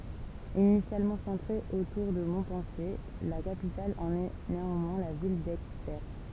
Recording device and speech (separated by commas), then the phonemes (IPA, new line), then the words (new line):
temple vibration pickup, read sentence
inisjalmɑ̃ sɑ̃tʁe otuʁ də mɔ̃pɑ̃sje la kapital ɑ̃n ɛ neɑ̃mwɛ̃ la vil dɛɡpɛʁs
Initialement centrée autour de Montpensier, la capitale en est néanmoins la ville d'Aigueperse.